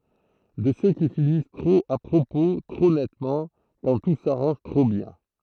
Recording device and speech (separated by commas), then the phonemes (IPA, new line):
throat microphone, read sentence
də sø ki finis tʁop a pʁopo tʁo nɛtmɑ̃ kɑ̃ tu saʁɑ̃ʒ tʁo bjɛ̃